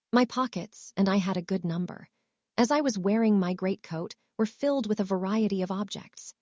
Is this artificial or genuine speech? artificial